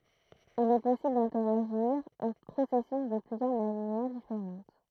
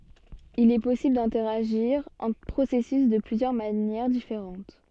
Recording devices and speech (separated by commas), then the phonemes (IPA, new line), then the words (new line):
throat microphone, soft in-ear microphone, read sentence
il ɛ pɔsibl dɛ̃tɛʁaʒiʁ ɑ̃tʁ pʁosɛsys də plyzjœʁ manjɛʁ difeʁɑ̃t
Il est possible d’interagir entre processus de plusieurs manières différentes.